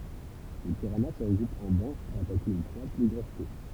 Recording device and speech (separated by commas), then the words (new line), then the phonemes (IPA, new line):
temple vibration pickup, read sentence
Les piranhas se regroupent en bancs pour attaquer une proie plus grosse qu'eux.
le piʁana sə ʁəɡʁupt ɑ̃ bɑ̃ puʁ atake yn pʁwa ply ɡʁos kø